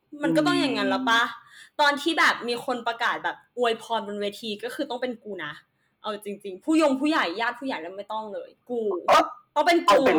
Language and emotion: Thai, happy